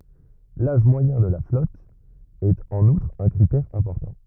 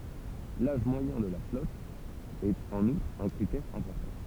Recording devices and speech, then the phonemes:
rigid in-ear microphone, temple vibration pickup, read sentence
laʒ mwajɛ̃ də la flɔt ɛt ɑ̃n utʁ œ̃ kʁitɛʁ ɛ̃pɔʁtɑ̃

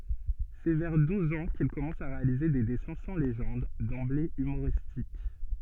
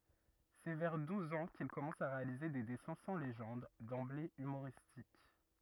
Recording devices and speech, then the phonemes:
soft in-ear microphone, rigid in-ear microphone, read sentence
sɛ vɛʁ duz ɑ̃ kil kɔmɑ̃s a ʁealize de dɛsɛ̃ sɑ̃ leʒɑ̃d dɑ̃ble ymoʁistik

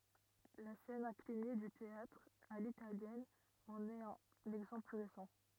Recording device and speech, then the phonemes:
rigid in-ear microphone, read sentence
la sɛn ɛ̃kline dy teatʁ a litaljɛn ɑ̃n ɛt œ̃n ɛɡzɑ̃pl ply ʁesɑ̃

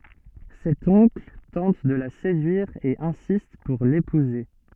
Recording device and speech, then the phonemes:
soft in-ear microphone, read sentence
sɛt ɔ̃kl tɑ̃t də la sedyiʁ e ɛ̃sist puʁ lepuze

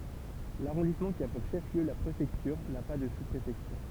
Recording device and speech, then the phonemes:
temple vibration pickup, read sentence
laʁɔ̃dismɑ̃ ki a puʁ ʃəfliø la pʁefɛktyʁ na pa də suspʁefɛktyʁ

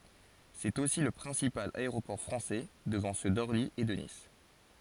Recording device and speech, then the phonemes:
forehead accelerometer, read sentence
sɛt osi lə pʁɛ̃sipal aeʁopɔʁ fʁɑ̃sɛ dəvɑ̃ sø dɔʁli e də nis

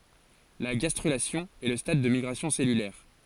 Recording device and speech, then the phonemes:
forehead accelerometer, read sentence
la ɡastʁylasjɔ̃ ɛ lə stad de miɡʁasjɔ̃ sɛlylɛʁ

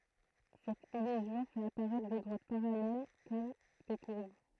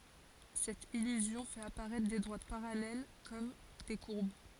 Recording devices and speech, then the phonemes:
throat microphone, forehead accelerometer, read sentence
sɛt ilyzjɔ̃ fɛt apaʁɛtʁ de dʁwat paʁalɛl kɔm de kuʁb

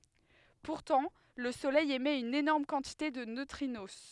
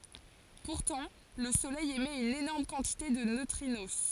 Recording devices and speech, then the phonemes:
headset microphone, forehead accelerometer, read sentence
puʁtɑ̃ lə solɛj emɛt yn enɔʁm kɑ̃tite də nøtʁino

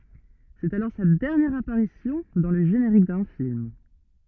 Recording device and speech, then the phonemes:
rigid in-ear microphone, read sentence
sɛt alɔʁ sa dɛʁnjɛʁ apaʁisjɔ̃ dɑ̃ lə ʒeneʁik dœ̃ film

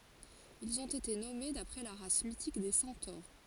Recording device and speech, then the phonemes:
forehead accelerometer, read sentence
ilz ɔ̃t ete nɔme dapʁɛ la ʁas mitik de sɑ̃toʁ

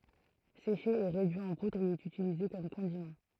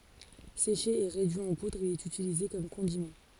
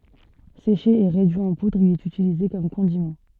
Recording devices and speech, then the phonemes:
throat microphone, forehead accelerometer, soft in-ear microphone, read sentence
seʃe e ʁedyi ɑ̃ pudʁ il ɛt ytilize kɔm kɔ̃dimɑ̃

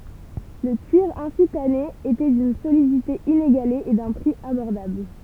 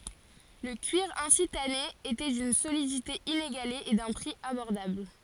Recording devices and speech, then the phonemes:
temple vibration pickup, forehead accelerometer, read sentence
lə kyiʁ ɛ̃si tane etɛ dyn solidite ineɡale e dœ̃ pʁi abɔʁdabl

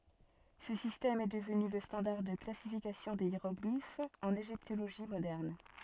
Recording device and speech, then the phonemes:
soft in-ear microphone, read sentence
sə sistɛm ɛ dəvny lə stɑ̃daʁ də klasifikasjɔ̃ de jeʁɔɡlifz ɑ̃n eʒiptoloʒi modɛʁn

